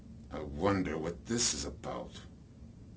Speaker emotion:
disgusted